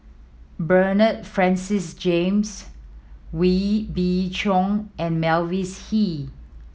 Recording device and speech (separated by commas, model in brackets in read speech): mobile phone (iPhone 7), read sentence